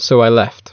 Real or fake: real